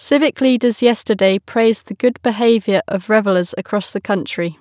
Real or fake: real